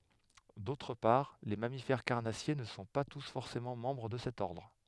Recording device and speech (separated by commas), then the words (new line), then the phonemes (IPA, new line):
headset microphone, read sentence
D'autre part, les mammifères carnassiers ne sont pas tous forcément membres de cet ordre.
dotʁ paʁ le mamifɛʁ kaʁnasje nə sɔ̃ pa tus fɔʁsemɑ̃ mɑ̃bʁ də sɛt ɔʁdʁ